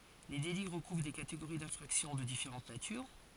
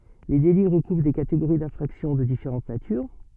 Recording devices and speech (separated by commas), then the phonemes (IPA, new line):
forehead accelerometer, soft in-ear microphone, read sentence
le deli ʁəkuvʁ de kateɡoʁi dɛ̃fʁaksjɔ̃ də difeʁɑ̃t natyʁ